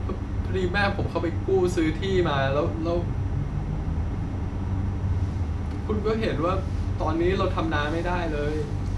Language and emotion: Thai, sad